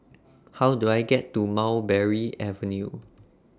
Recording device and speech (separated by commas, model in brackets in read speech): standing microphone (AKG C214), read sentence